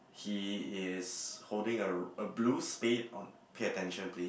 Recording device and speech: boundary microphone, conversation in the same room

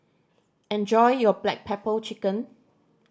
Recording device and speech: standing microphone (AKG C214), read sentence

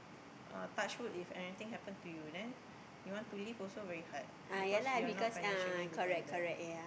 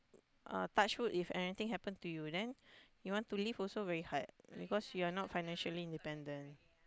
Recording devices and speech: boundary microphone, close-talking microphone, conversation in the same room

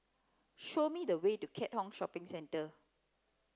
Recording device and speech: close-talking microphone (WH30), read sentence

